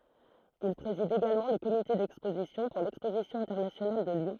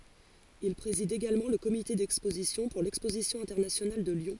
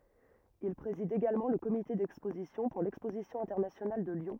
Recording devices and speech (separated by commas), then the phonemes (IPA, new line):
throat microphone, forehead accelerometer, rigid in-ear microphone, read sentence
il pʁezid eɡalmɑ̃ lə komite dɛkspozisjɔ̃ puʁ lɛkspozisjɔ̃ ɛ̃tɛʁnasjonal də ljɔ̃